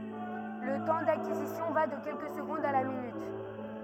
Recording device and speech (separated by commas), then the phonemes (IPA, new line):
rigid in-ear microphone, read sentence
lə tɑ̃ dakizisjɔ̃ va də kɛlkə səɡɔ̃dz a la minyt